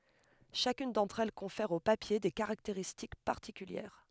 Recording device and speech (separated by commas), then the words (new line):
headset microphone, read sentence
Chacune d'entre elles confère au papier des caractéristiques particulières.